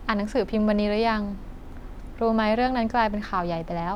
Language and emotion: Thai, neutral